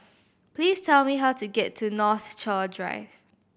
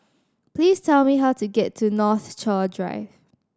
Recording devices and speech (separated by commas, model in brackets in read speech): boundary microphone (BM630), standing microphone (AKG C214), read sentence